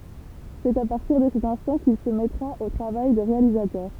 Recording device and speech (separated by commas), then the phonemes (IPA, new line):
temple vibration pickup, read sentence
sɛt a paʁtiʁ də sɛt ɛ̃stɑ̃ kil sə mɛtʁa o tʁavaj də ʁealizatœʁ